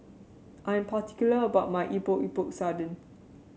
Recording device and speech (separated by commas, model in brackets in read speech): mobile phone (Samsung C7), read sentence